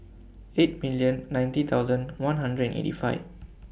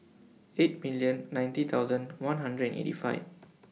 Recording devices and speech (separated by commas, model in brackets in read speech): boundary microphone (BM630), mobile phone (iPhone 6), read sentence